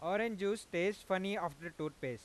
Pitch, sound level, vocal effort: 185 Hz, 96 dB SPL, loud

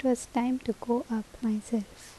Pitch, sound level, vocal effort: 235 Hz, 70 dB SPL, soft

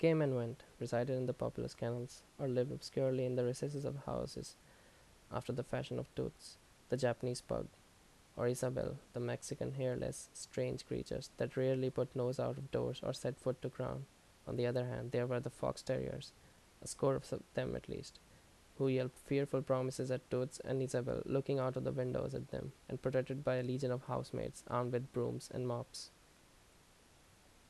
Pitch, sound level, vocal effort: 125 Hz, 76 dB SPL, normal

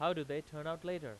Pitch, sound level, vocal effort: 160 Hz, 96 dB SPL, loud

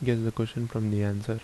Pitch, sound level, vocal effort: 115 Hz, 73 dB SPL, soft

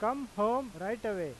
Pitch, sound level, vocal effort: 215 Hz, 95 dB SPL, loud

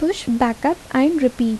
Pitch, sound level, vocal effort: 260 Hz, 75 dB SPL, soft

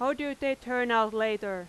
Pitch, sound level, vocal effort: 245 Hz, 93 dB SPL, very loud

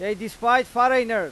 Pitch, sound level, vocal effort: 235 Hz, 102 dB SPL, very loud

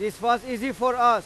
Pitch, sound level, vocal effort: 240 Hz, 103 dB SPL, very loud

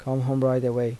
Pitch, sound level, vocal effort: 130 Hz, 80 dB SPL, soft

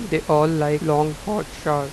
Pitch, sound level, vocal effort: 150 Hz, 88 dB SPL, normal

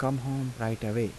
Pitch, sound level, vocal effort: 120 Hz, 81 dB SPL, soft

